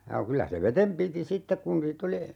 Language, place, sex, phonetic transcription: Finnish, Urjala, male, ja 'kylä se 'vetem piti "sittek kun 'niit ‿oli , .
- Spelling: ja kyllä se veden piti sitten kun niitä oli

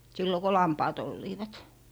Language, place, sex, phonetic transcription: Finnish, Lappee, female, sillo ko "lampaat 'olliivat .
- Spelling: silloin kun lampaat olivat

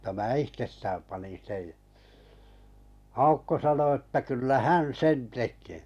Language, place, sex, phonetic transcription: Finnish, Kalajoki, male, m̥ta mää 'ihtestääm panin̬ 'sej ja 'Aukko 'sano että 'kyllä "hän "sen 'tek̀ee .
- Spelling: mutta minä itsestään panin sen ja Aukko sanoi että kyllä hän sen tekee

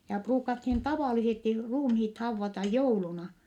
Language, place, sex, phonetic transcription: Finnish, Vittanki, female, ja , pruukathin tavàlisesti ruumhiit hauvvata jouluna .
- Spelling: ja ruukattiin tavallisesti ruumiit haudata jouluna

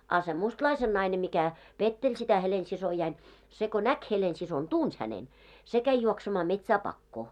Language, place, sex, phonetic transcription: Finnish, Moloskovitsa, female, á se 'mustlaisen naine mikä , 'petteĺ sitä 'Helensisojain , se ko "näk 'Helensison "tuns hänen , 'se käi juoksemaa 'metsää 'pakkoo .
- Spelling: a se mustalaisen nainen mikä petteli sitä Helena-siskoani se kun näki Helena-siskon tunsi hänen se kävi juoksemaan metsään pakoon

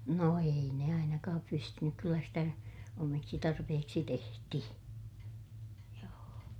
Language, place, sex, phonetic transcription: Finnish, Ilmajoki, female, no ei ne ainakaap pystynyk - kyllä sitä , omiksi tarpehiksi tehti(hi) , joo₍o .
- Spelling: no ei ne ainakaan pystynyt kyllä sitä omiksi tarpeiksi tehtiin joo

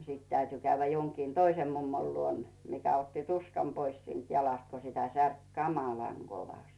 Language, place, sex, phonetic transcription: Finnish, Rautu, female, nᵒ sit 'täyty käyvvä joŋkiin "toisem 'mummol luon 'mikä otti "tuskam pois siint 'jalast ko sitä 'särk "kamalaŋ 'Govasᵗ .
- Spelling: no sitten täytyi käydä jonkin toisen mummon luona mikä otti tuskan pois siitä jalasta kun sitä särki kamalan kovasti

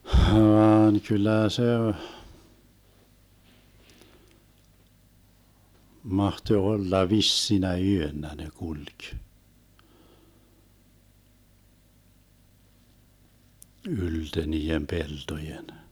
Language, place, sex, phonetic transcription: Finnish, Vermlanti, male, 'hvaan "kyl̆lä̀ 'se , 'mahtoⁱ 'olla "vissinä "yönnä ne 'kuĺk , 'ylte 'nii₍em "peltojen .
- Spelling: vaan kyllä se mahtoi olla vissinä yönä ne kulki ylte niiden peltojen

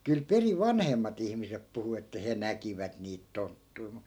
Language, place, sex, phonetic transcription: Finnish, Askola, male, kyl 'periv̆ 'vanhemmat ‿ihmisep 'puhu että 'he "näkivät niit 'tonttui̮ mu ,.
- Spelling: kyllä perin vanhemmat ihmiset puhui että he näkivät niitä tonttuja mutta

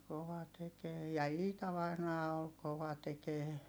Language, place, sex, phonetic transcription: Finnish, Heinola, female, kova tekee ja Iita vainaa ol kova tekee .
- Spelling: kova tekemään ja Iita vainaja oli kova tekemään

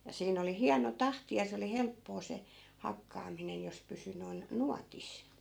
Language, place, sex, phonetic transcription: Finnish, Askola, female, ja 'siin ‿oli "hiano 'tahti ja 'se oli 'helppoo se , 'hakkaaminen jos 'pysy noi̮n , "nuatis .
- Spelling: ja siinä oli hieno tahti ja se oli helppoa se hakkaaminen jos pysyi noin nuotissa

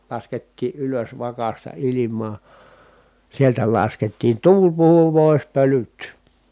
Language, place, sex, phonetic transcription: Finnish, Kitee, male, laskettii ʼylös vakasta ilim̀aa , sieltä laskettiin tuul puhu pòi̮s pölyt .
- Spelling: laskettiin ylös vakasta ilmaa sieltä laskettiin tuuli puhui pois pölyt

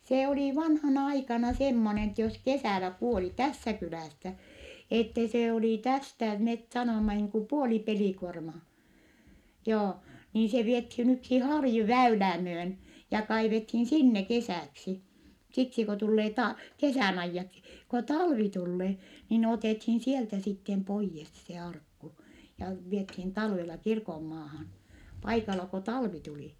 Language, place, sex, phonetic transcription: Finnish, Vittanki, female, see olì vanhana aikana semmonen ‿ettɛ jos kesä̀lä kuoli , tässä kylä̀ssä , ette se olì tästä , met sanomma niiŋ ku puoli pelikuormaa , joo , niin se viethiin - yksi harju väylää myön , ja kaivethiin sinne kesä̀ksi , siksi ko tullee ta- , kesä̀n ‿aijjaksi , ko talvi tullee , niin otèthiin sieltä sittem poijjes se arkku , ja viethiin talvela kirkommaahan , paikala ko talvi tuli .
- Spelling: se oli vanhana aikana semmoinen että jos kesällä kuoli tässä kylässä että se oli tästä me sanomme niin kuin puoli pelikuormaa joo niin se vietiin yksi harju väylää myöten ja kaivettiin sinne kesäksi siksi kun tulee - kesän ajaksi kun talvi tulee niin otettiin sieltä sitten pois se arkku ja vietiin talvella kirkonmaahan paikalla kun talvi tuli

